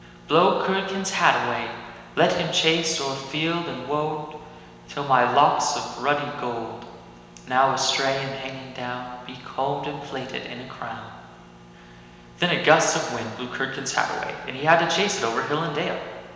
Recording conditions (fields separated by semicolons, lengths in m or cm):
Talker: one person; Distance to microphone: 1.7 m; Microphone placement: close; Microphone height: 1.0 m; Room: very reverberant, large; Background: none